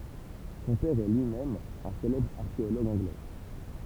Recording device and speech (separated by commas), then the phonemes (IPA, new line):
temple vibration pickup, read sentence
sɔ̃ pɛʁ ɛ lyi mɛm œ̃ selɛbʁ aʁkeoloɡ ɑ̃ɡlɛ